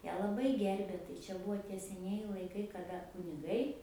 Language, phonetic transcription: Lithuanian, ˈją laˈbai ˈgerbė tai ˈčia buˈvo tie seˈnieji laiˈkai kaˈda kuniˈgai

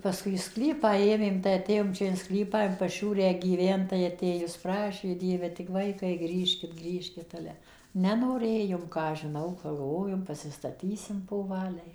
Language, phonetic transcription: Lithuanian, paˈskui į ˈsklypą ˈėmėm tai aˈtėjom ˈčia in ˈsklypą in paˈšiūrę gyˈvent tai aˈtėjus ˈprašė ˈdieve tik ˈvaikai ˈgrįžkit ˈgrįžkit ˈale ˌnenoˈrėjom ˈką aš žiˈnau pagalˈvojom pasistaˈtysim poˈvaliai

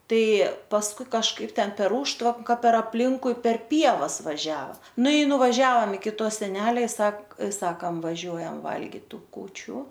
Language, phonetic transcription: Lithuanian, ˈtai pasˈkui kažˈkaip ˈten per ˈūžtvanka per apˈlinkui per ˈpievas vaˈžiava ˈnu i nuvaˈžiaom iki ˈto seˈnelia ˈsak ˈsakam vaˈžiuojam ˈvalgit ˈtų kūˈčių

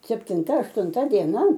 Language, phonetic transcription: Lithuanian, septinˈta aštunˈta dieˈna

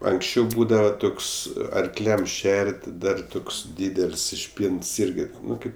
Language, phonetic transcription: Lithuanian, anksˈčiau ˈbūdava ˈtoks arkˈliam ˈšer't' ˈdar ˈtoks ˈdydel's' išˈpynts ˈirgi ˈnu ˈkaip

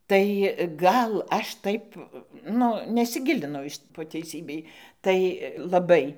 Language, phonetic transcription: Lithuanian, tai ˈgal ˈaš ˈtaip ˈnu nesiˈgilinau po teiˈsybei tai laˈbai

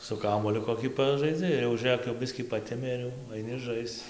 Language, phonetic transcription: Lithuanian, su ˈkamuoliu koˈkį ˈpažaidzi ir jau ˈžɘk jau ˈbiskį ˈpatemė ir ˈjau aiˈni ˈžaisc

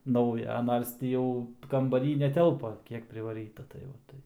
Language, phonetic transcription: Lithuanian, ˈnauja ˈnars tį ˈjau kambaˈry neˈtelpa ˈkiek privaˈryta tai va ˈtaip

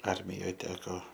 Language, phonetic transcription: Lithuanian, ˈarmijoj ˈteko

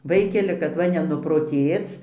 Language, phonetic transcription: Lithuanian, ˈvaikeli kad ˈva nenuproˈtėc

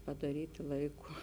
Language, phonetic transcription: Lithuanian, padaˈryti ˈlaiˌku

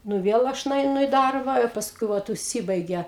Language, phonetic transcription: Lithuanian, ˈnu ˈviel ˈaš nueiˈnu i ˈdarba i pasˈkui ˈvat užˈsibaige

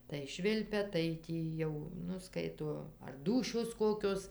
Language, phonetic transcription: Lithuanian, tai ˈšvilpia tai ˈtį jau ˈnu ˈskaito ar ˈdūšios ˈkokios

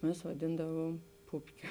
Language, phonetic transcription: Lithuanian, ˈmes vaˈdindavuom ˈpupkio

